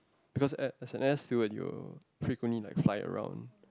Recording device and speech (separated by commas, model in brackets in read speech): close-talking microphone, conversation in the same room